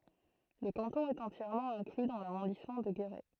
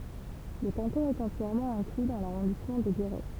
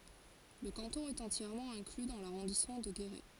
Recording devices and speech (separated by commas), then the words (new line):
throat microphone, temple vibration pickup, forehead accelerometer, read sentence
Le canton est entièrement inclus dans l'arrondissement de Guéret.